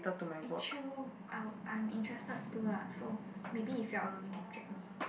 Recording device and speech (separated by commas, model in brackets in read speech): boundary microphone, conversation in the same room